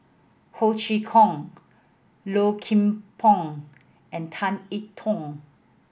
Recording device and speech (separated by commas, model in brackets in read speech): boundary microphone (BM630), read sentence